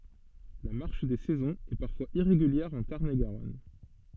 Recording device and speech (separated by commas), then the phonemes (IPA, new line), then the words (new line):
soft in-ear microphone, read sentence
la maʁʃ de sɛzɔ̃z ɛ paʁfwaz iʁeɡyljɛʁ ɑ̃ taʁn e ɡaʁɔn
La marche des saisons est parfois irrégulière en Tarn-et-Garonne.